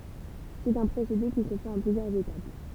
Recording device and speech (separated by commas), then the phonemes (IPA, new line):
temple vibration pickup, read sentence
sɛt œ̃ pʁosede ki sə fɛt ɑ̃ plyzjœʁz etap